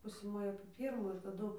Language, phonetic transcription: Lithuanian, ˈpusė ˈmoja apė ˈpyrmų ir taˈdu

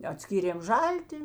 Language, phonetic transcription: Lithuanian, aˈtskyrėm ˈžalti

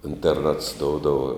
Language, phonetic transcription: Lithuanian, interˈnats ˈdoudava

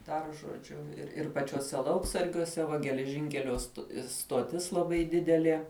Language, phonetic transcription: Lithuanian, dar žoˈdžiu ir ir pačiuoˈse ˈlauksargiuose ˈva geleˈžinkelio st stoˈtis laˈbai ˈdidelie

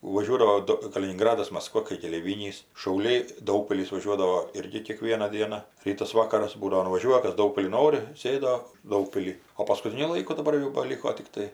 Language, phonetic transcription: Lithuanian, vaˈžiuodavo ˈdu kalininˈgradas masˈkva kai keleiˈvynys šauˈliai ˈdaugpilis vaˈžiuodavo ˈirgi kėˈkviena ˈdiena ˈrytas ˈvakaras ˈbūdavo nuvaˈžiuoja ˈkas ˈdaugpilin ˈnori ˈsėdo ˈdaugpily o paskuˈtiniu ˈlaiku daˈbar jau baˈliko tikˈtai

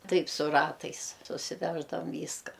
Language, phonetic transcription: Lithuanian, ˈtaip su ˈratais susiˈveždavam ˈvyska

